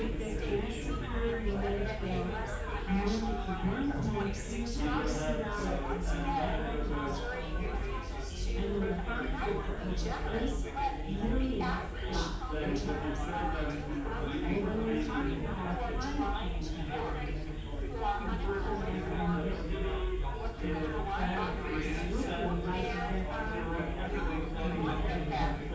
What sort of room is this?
A spacious room.